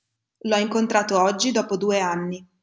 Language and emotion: Italian, neutral